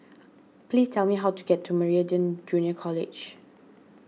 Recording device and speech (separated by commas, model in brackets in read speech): mobile phone (iPhone 6), read sentence